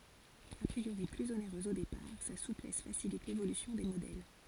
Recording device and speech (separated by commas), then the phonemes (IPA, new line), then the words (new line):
forehead accelerometer, read sentence
a pʁioʁi plyz oneʁøz o depaʁ sa suplɛs fasilit levolysjɔ̃ de modɛl
A priori plus onéreuse au départ, sa souplesse facilite l'évolution des modèles.